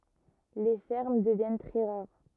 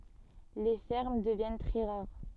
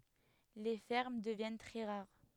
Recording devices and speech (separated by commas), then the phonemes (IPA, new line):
rigid in-ear microphone, soft in-ear microphone, headset microphone, read sentence
le fɛʁm dəvjɛn tʁɛ ʁaʁ